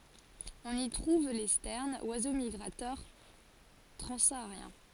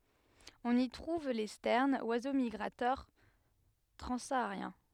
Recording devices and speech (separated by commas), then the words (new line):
forehead accelerometer, headset microphone, read sentence
On y trouve les sternes, oiseaux migrateurs transsahariens.